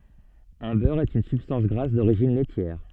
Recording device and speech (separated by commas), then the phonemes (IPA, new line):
soft in-ear microphone, read sentence
œ̃ bœʁ ɛt yn sybstɑ̃s ɡʁas doʁiʒin lɛtjɛʁ